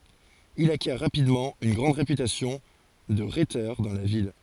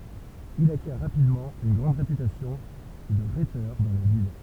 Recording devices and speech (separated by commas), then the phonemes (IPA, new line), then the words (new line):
forehead accelerometer, temple vibration pickup, read sentence
il akjɛʁ ʁapidmɑ̃ yn ɡʁɑ̃d ʁepytasjɔ̃ də ʁetœʁ dɑ̃ la vil
Il acquiert rapidement une grande réputation de rhéteur dans la ville.